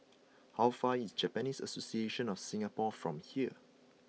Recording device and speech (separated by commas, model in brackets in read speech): mobile phone (iPhone 6), read sentence